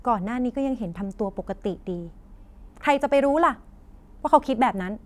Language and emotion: Thai, frustrated